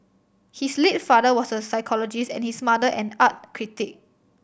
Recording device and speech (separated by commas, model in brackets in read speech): boundary microphone (BM630), read sentence